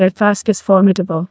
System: TTS, neural waveform model